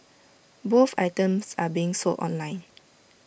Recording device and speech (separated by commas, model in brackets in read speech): boundary microphone (BM630), read sentence